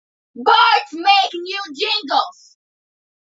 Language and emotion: English, angry